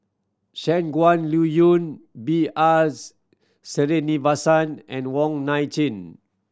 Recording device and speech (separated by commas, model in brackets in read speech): standing microphone (AKG C214), read sentence